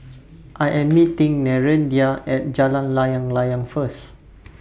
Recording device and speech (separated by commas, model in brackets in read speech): boundary microphone (BM630), read sentence